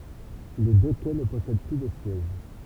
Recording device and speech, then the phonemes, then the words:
temple vibration pickup, read sentence
le dø kɛ nə pɔsɛd ply də sjɛʒ
Les deux quais ne possèdent plus de sièges.

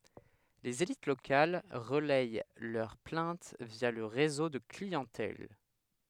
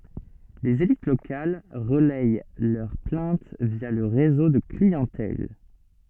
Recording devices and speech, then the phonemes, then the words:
headset microphone, soft in-ear microphone, read sentence
lez elit lokal ʁəlɛj lœʁ plɛ̃t vja lə ʁezo də kliɑ̃tɛl
Les élites locales relayent leurs plaintes via le réseau de clientèle.

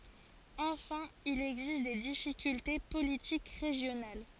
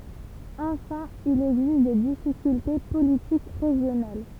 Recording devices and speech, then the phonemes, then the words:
forehead accelerometer, temple vibration pickup, read sentence
ɑ̃fɛ̃ il ɛɡzist de difikylte politik ʁeʒjonal
Enfin, il existe des difficultés politiques régionales.

